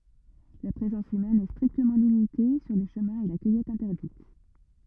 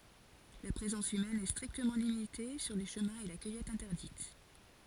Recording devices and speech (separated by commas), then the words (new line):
rigid in-ear microphone, forehead accelerometer, read sentence
La présence humaine est strictement limitée sur les chemins et la cueillette interdite.